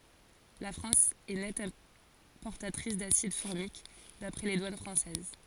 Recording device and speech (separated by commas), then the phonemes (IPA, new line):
forehead accelerometer, read sentence
la fʁɑ̃s ɛ nɛt ɛ̃pɔʁtatʁis dasid fɔʁmik dapʁɛ le dwan fʁɑ̃sɛz